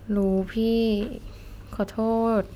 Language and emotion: Thai, sad